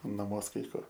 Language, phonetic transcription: Lithuanian, naˈmuos kai ˈkur

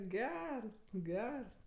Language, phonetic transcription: Lithuanian, ˈgers ˈgers

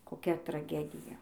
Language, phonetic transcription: Lithuanian, koˈkia traˈgedija

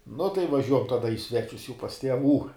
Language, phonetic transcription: Lithuanian, nu tai vaˈžiuojam ˈtada i ˈsvečius jau pas tieˈvų

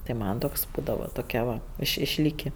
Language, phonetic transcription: Lithuanian, tai ˈman toks ˈbūdava toˈkia va iš išˈlyki

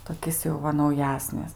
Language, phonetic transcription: Lithuanian, toˈkis jau ˈva nauˈjesnis

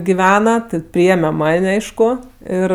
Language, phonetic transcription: Lithuanian, giˈvena ˈti ˈpriėme ˈman' ˈaišku ˈir

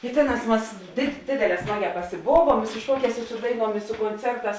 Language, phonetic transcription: Lithuanian, i ˈtėˌnās ˈmas dėd ˈdėdėˌlē ˈsmaˌgē pasiˈbovuom i su ˈšuoˌkēs i ˈsu daiˌnuom i su konˈcerˌtās

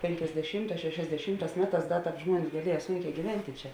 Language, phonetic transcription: Lithuanian, pėnkiasdeˈšymˌtās šešiasdeˈšymˌtās ˈmeˌtās ˈda ˈtāp ˈžmuonis gaˈlieja ˈsūnˌkē gyˈventi ˈčia

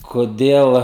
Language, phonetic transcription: Lithuanian, koˈdėl

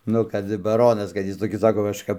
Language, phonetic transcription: Lithuanian, ˈnu kad baˈronas kad ˈjis toˈkis ˈsako kažˈkap

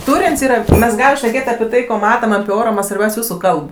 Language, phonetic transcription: Lithuanian, ˈtūrėn's' ˈyra ˈmes ˈgalim šneˈkėt' api ˈtai ˈ ko ˈmatam api ˈoro ˈman' svarˈbiaus' ˈjūsu ˈkalb

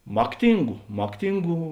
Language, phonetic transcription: Lithuanian, ˈmakˌtingu ˈmakˌtingų

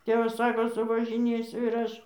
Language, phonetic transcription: Lithuanian, ˈtėvas ˈsako suvažiˈnėsiu ir ˈaš

